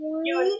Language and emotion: Thai, happy